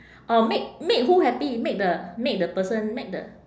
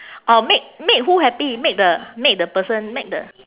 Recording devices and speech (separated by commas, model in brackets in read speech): standing microphone, telephone, conversation in separate rooms